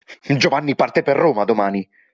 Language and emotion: Italian, angry